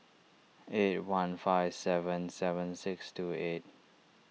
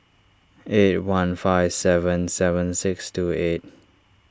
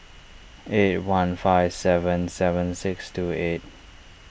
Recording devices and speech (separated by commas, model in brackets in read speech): mobile phone (iPhone 6), standing microphone (AKG C214), boundary microphone (BM630), read sentence